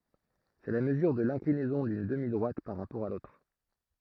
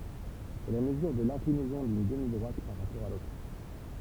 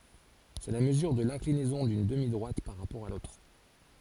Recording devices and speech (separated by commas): throat microphone, temple vibration pickup, forehead accelerometer, read sentence